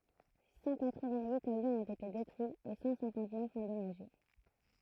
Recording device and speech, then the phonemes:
throat microphone, read sentence
sɑ̃ katʁ vɛ̃t yit avjɔ̃z ɔ̃t ete detʁyiz e sɑ̃ sɛ̃kɑ̃t nœf ɑ̃dɔmaʒe

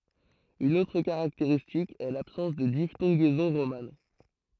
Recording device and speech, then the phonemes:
throat microphone, read sentence
yn otʁ kaʁakteʁistik ɛ labsɑ̃s də diftɔ̃ɡɛzɔ̃ ʁoman

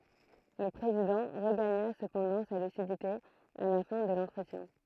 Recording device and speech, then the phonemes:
throat microphone, read sentence
lə pʁezidɑ̃ ʁəɡaɲa səpɑ̃dɑ̃ sa lysidite a la fɛ̃ də lɑ̃tʁətjɛ̃

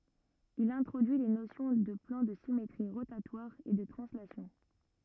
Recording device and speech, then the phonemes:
rigid in-ear microphone, read sentence
il ɛ̃tʁodyi le nosjɔ̃ də plɑ̃ də simetʁi ʁotatwaʁz e də tʁɑ̃slasjɔ̃

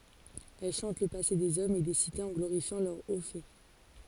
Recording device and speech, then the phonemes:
forehead accelerometer, read sentence
ɛl ʃɑ̃t lə pase dez ɔmz e de sitez ɑ̃ ɡloʁifjɑ̃ lœʁ o fɛ

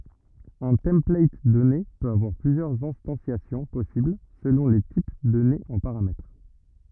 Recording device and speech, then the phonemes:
rigid in-ear microphone, read sentence
œ̃ tɑ̃plat dɔne pøt avwaʁ plyzjœʁz ɛ̃stɑ̃sjasjɔ̃ pɔsibl səlɔ̃ le tip dɔnez ɑ̃ paʁamɛtʁ

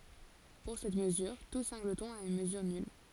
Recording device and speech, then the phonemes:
forehead accelerometer, read sentence
puʁ sɛt məzyʁ tu sɛ̃ɡlətɔ̃ a yn məzyʁ nyl

